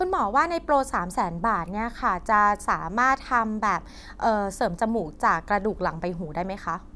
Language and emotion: Thai, happy